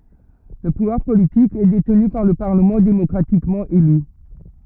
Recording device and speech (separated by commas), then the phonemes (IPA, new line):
rigid in-ear microphone, read sentence
lə puvwaʁ politik ɛ detny paʁ lə paʁləmɑ̃ demɔkʁatikmɑ̃ ely